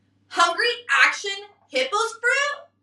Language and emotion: English, disgusted